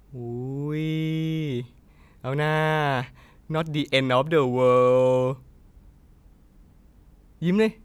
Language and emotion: Thai, happy